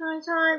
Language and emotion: Thai, neutral